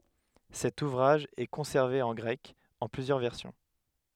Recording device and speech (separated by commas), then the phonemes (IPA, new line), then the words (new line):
headset microphone, read sentence
sɛt uvʁaʒ ɛ kɔ̃sɛʁve ɑ̃ ɡʁɛk ɑ̃ plyzjœʁ vɛʁsjɔ̃
Cet ouvrage est conservé en grec, en plusieurs versions.